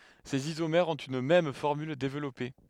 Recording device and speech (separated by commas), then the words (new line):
headset microphone, read sentence
Ces isomères ont une même formule développée.